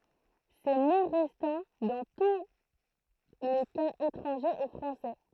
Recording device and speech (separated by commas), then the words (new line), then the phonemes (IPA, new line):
throat microphone, read sentence
Ces mots restant dans tous les cas étrangers au français.
se mo ʁɛstɑ̃ dɑ̃ tu le kaz etʁɑ̃ʒez o fʁɑ̃sɛ